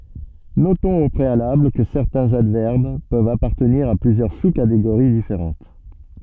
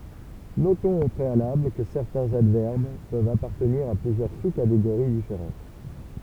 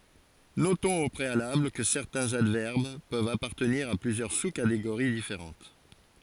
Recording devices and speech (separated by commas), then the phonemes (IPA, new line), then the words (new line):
soft in-ear microphone, temple vibration pickup, forehead accelerometer, read sentence
notɔ̃z o pʁealabl kə sɛʁtɛ̃z advɛʁb pøvt apaʁtəniʁ a plyzjœʁ su kateɡoʁi difeʁɑ̃t
Notons au préalable que certains adverbes peuvent appartenir à plusieurs sous-catégories différentes.